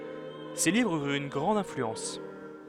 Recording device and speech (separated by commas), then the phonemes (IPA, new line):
headset microphone, read sentence
se livʁz yʁt yn ɡʁɑ̃d ɛ̃flyɑ̃s